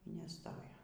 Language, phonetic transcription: Lithuanian, y neˈstojo

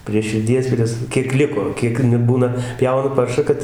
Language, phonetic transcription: Lithuanian, prie širˈdies ˈpries ˈkiek ˈliko ˈkiek nu ˈbūna ˈpjauna ˈparšą ˈkad

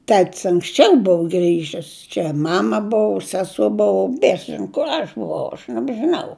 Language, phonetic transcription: Lithuanian, ˈtet's' anksˈčiau ˈbuvu ˈgrįžis čia ˈmama ˈbuvu ˈseso ˈbuvu ˈbiesas ˈžino kur ˈaš buˈvau aš nebžiˈnau

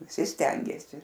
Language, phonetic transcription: Lithuanian, viˈsi ˈstengėsi

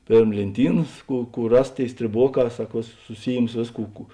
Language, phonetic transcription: Lithuanian, ˈpėrm lėnˈtynas ˈkų ˈkų ˈras ˈtėi strėˈboˌkā ˈsak ˈvėˌsus suˈsyjims ˈvėsˌkų ˈkų

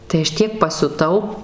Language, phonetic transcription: Lithuanian, tai ˈaš ˈtiek pasiuˈtau

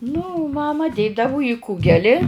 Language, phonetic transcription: Lithuanian, nu ˈmama ˈdėdavo į ˈkūgeli

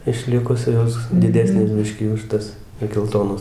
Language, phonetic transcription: Lithuanian, išˈlikus ˈjos diˈdesnės ˈbiškį už ˈtas i gelˈtonos

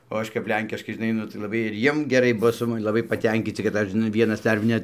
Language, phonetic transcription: Lithuanian, o ˈaš kap ˈlenkiškai žiˈnai nu tai laˈbai ir ˈjiem geˈrai ˈbuvo su maˈnim laˈbai paˈtenkyci kad ˈaš žiˈnai ˈvienas ˈdar net

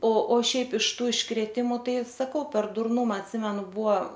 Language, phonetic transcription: Lithuanian, o o ˈšiaip iš ˈtų iškrėˈtimu ˈtai saˈkau per durˈnuma atˈsimenu ˈbuo

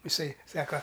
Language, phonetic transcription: Lithuanian, iˈsai ˈsaka

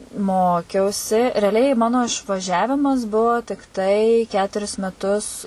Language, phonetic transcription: Lithuanian, ˈmokiausi reaˈliai ˈmano išvaˈžiavimas ˈbuvo tikˈtai ˈketuris meˈtus

